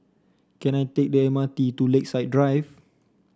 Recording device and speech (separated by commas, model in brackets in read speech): standing microphone (AKG C214), read sentence